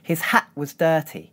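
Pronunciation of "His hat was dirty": In 'His hat was dirty', no t sound is made at the end of 'hat'. Instead there is a glottal stop, held for a moment, before it moves on to the w of 'was'.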